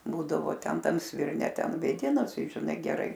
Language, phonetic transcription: Lithuanian, ˈbūdavo ˈten ˈtam svirˈne ˈten vėˈdinas ˈtai žiˈnai geˈrai

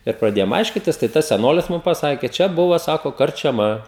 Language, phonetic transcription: Lithuanian, ir praˈdėjom ˈaiškitis tai ˈtas seˈnolis ˈmum paˈsakė ˈčia ˈbuva ˈsako karčiaˈma

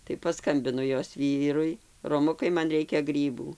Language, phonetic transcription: Lithuanian, tai paˈskambinu ˈjos ˈvyrui roˈmukai ˈman ˈreikia ˈgrybų

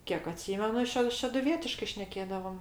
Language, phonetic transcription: Lithuanian, ˈkiek aˈtsymenu ˈše šeduˈvietiškai ˈšnekėdavom

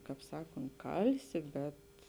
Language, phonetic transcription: Lithuanian, ˈkāp ˈsakont ˈkalsi ˈbet

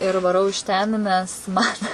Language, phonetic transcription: Lithuanian, ir vaˈrau iš ten nes ˈman

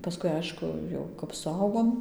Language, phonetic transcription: Lithuanian, paˈskui ˈaišku ˈjau kap suˈaugom

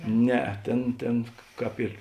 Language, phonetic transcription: Lithuanian, ˈnea ˈtėn ˈtėn ˈkāp ir

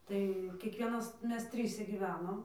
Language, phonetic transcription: Lithuanian, ˈtai kiekˈvienas ˈmes ˈtryse gyˈvenom

